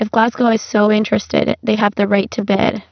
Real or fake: fake